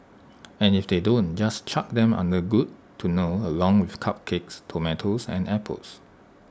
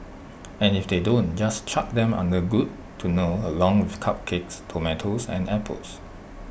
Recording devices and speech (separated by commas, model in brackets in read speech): standing microphone (AKG C214), boundary microphone (BM630), read sentence